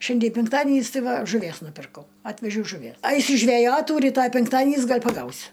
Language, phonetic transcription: Lithuanian, ˈšiandie penkˈtadienys ˈtai ˈva žuˈvies nuˈpirkau ˈatvežiau žuˈvie ˈaisiu žveˈjotų ryˈtoj penkˈtadienys ˈgal' paˈgausiu

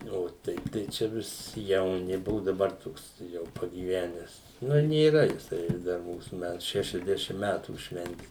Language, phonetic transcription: Lithuanian, o ˈteip tai ˈčia vis jauˈni ˈbuvu daˈbar ˈtoks jau pagyˈvenes ˈnu nėˈra jiˈsai ˈdar ˈmūsu ˈmætu šešiasˈdešim ˈmetų ˈšventi

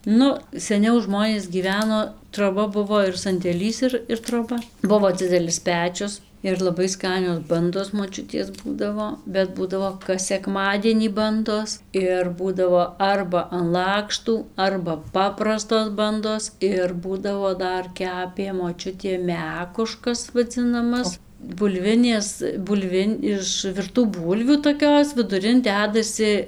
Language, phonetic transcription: Lithuanian, ˈnu seˈniau ˈžmonės gyˈveno troˈba ˈbuvo ir sandėˈlys ir ir troˈba ˈbuvo ˈdzidelis ˈpečius ir laˈbai ˈskanios ˈbandos moˈčiutės ˈbūdavo bet ˈbūdavo kas seˈkmadienį ˈbandos ir ˈbūdavo ˈarba an ˈlakštų ˈarba ˈpaprastos ˈbandos ir ˈbūdavo ˈdar ˈkepė moˈčiutė ˈmekuškas vaˈdzinamas bulˈvinės bulˈvin' iš virˈtų ˈbūlvių toˈkios viduˈrin ˈdedasi

